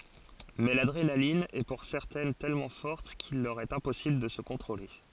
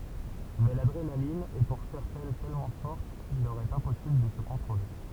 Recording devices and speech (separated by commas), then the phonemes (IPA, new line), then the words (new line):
forehead accelerometer, temple vibration pickup, read sentence
mɛ ladʁenalin ɛ puʁ sɛʁtɛn tɛlmɑ̃ fɔʁt kil lœʁ ɛt ɛ̃pɔsibl də sə kɔ̃tʁole
Mais l’adrénaline est pour certaines tellement forte qu'il leur est impossible de se contrôler.